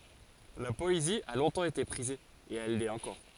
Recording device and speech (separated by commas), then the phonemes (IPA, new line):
forehead accelerometer, read sentence
la pɔezi a lɔ̃tɑ̃ ete pʁize e ɛl lɛt ɑ̃kɔʁ